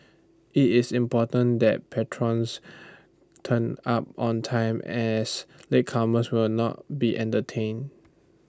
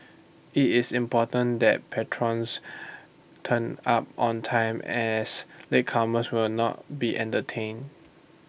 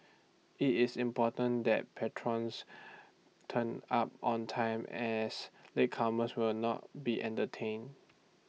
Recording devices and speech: standing microphone (AKG C214), boundary microphone (BM630), mobile phone (iPhone 6), read sentence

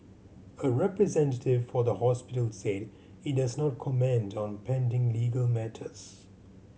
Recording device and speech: mobile phone (Samsung C7100), read sentence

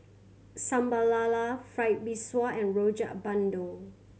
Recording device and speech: mobile phone (Samsung C7100), read sentence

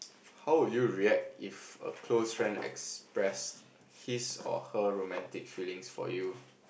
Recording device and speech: boundary microphone, conversation in the same room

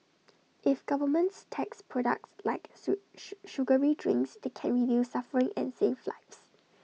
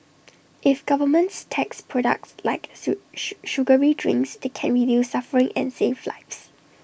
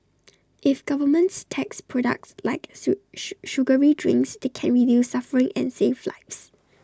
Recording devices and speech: mobile phone (iPhone 6), boundary microphone (BM630), standing microphone (AKG C214), read sentence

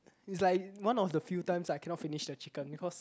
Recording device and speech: close-talking microphone, conversation in the same room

